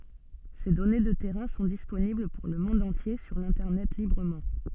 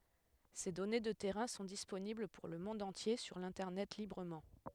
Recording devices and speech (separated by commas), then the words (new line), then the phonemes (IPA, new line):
soft in-ear microphone, headset microphone, read sentence
Ces données de terrains sont disponibles pour le monde entier sur l'Internet librement.
se dɔne də tɛʁɛ̃ sɔ̃ disponibl puʁ lə mɔ̃d ɑ̃tje syʁ lɛ̃tɛʁnɛt libʁəmɑ̃